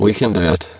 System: VC, spectral filtering